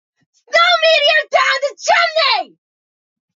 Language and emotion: English, disgusted